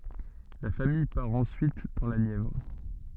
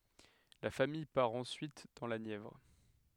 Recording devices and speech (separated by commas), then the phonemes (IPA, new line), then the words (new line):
soft in-ear microphone, headset microphone, read sentence
la famij paʁ ɑ̃syit dɑ̃ la njɛvʁ
La famille part ensuite dans la Nièvre.